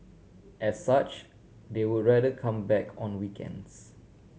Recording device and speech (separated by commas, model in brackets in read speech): mobile phone (Samsung C7100), read sentence